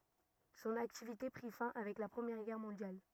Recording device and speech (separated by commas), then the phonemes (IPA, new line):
rigid in-ear microphone, read sentence
sɔ̃n aktivite pʁi fɛ̃ avɛk la pʁəmjɛʁ ɡɛʁ mɔ̃djal